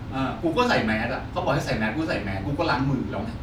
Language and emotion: Thai, frustrated